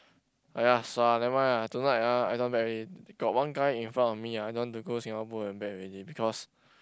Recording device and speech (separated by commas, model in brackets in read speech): close-talking microphone, conversation in the same room